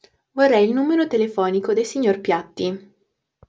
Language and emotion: Italian, neutral